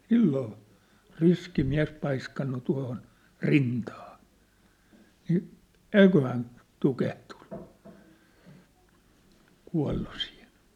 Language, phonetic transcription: Finnish, 'silloo , 'riski 'miä̭s paiskannu tua̭hon , "rintaa , ni , "eiköhän , 'tukehtᴜɴɴᴜ , kua̭llu siihen̬ !
- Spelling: silloin riski mies paiskannut tuohon rintaan niin eiköhän tukehtunut kuollut siihen

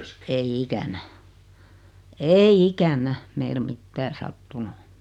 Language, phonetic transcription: Finnish, 'e- , 'ei "ikänä "eei "ikän̆nä , meil 'mittää 'sattunu .
- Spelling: - ei ikänä ei ikänä meillä mitään sattunut

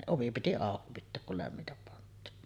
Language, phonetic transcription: Finnish, 'ovi piti 'àoki pitteek kul lämmitäp pant̀iin .
- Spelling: ovi piti auki pitää kun lämmintä pantiin

